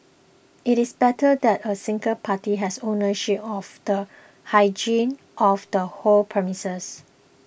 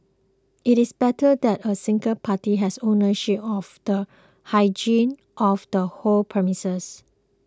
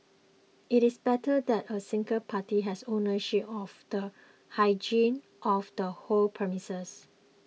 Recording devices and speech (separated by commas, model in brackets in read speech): boundary microphone (BM630), close-talking microphone (WH20), mobile phone (iPhone 6), read sentence